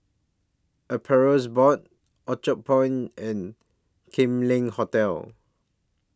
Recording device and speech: standing microphone (AKG C214), read sentence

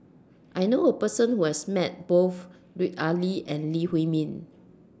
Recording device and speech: standing microphone (AKG C214), read sentence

